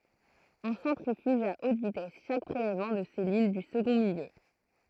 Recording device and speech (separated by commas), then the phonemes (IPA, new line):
throat microphone, read sentence
ɔ̃ sɑ̃tʁifyʒ a ot vitɛs ʃak pʁelɛvmɑ̃ də sɛlyl dy səɡɔ̃ miljø